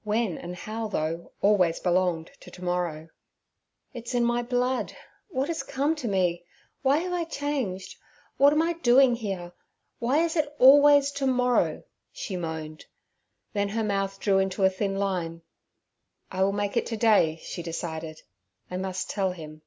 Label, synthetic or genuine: genuine